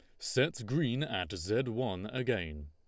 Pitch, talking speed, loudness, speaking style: 105 Hz, 145 wpm, -34 LUFS, Lombard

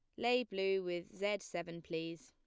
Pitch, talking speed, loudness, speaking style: 190 Hz, 175 wpm, -39 LUFS, plain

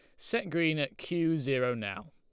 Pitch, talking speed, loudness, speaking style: 155 Hz, 190 wpm, -31 LUFS, Lombard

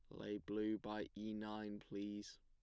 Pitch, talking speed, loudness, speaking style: 105 Hz, 165 wpm, -47 LUFS, plain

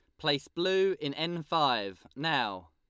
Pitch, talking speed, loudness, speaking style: 145 Hz, 145 wpm, -30 LUFS, Lombard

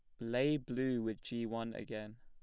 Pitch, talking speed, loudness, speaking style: 115 Hz, 185 wpm, -38 LUFS, plain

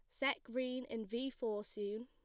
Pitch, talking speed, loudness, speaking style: 240 Hz, 195 wpm, -41 LUFS, plain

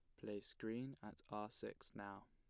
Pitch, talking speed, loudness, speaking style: 105 Hz, 170 wpm, -51 LUFS, plain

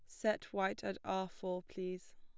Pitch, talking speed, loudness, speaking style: 190 Hz, 185 wpm, -40 LUFS, plain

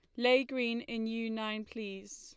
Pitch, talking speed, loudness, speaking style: 230 Hz, 185 wpm, -34 LUFS, Lombard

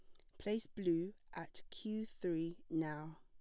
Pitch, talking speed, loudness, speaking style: 175 Hz, 130 wpm, -42 LUFS, plain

